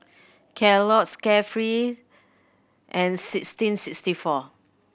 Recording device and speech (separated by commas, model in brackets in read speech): boundary microphone (BM630), read sentence